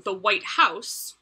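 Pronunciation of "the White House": In 'the White House', the emphasis is on 'house', or about equal on 'white' and 'house'.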